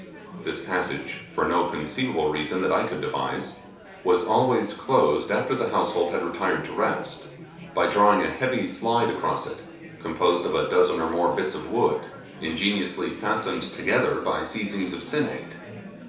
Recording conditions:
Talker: one person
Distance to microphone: 3.0 m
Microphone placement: far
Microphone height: 1.8 m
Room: small (3.7 m by 2.7 m)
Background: babble

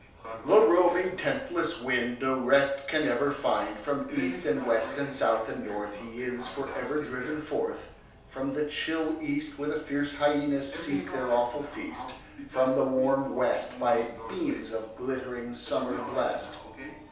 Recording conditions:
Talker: one person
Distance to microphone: 3.0 m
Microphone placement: far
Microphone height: 1.8 m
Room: small (3.7 m by 2.7 m)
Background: television

